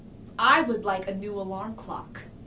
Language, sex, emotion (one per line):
English
female
neutral